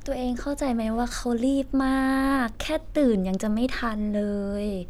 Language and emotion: Thai, frustrated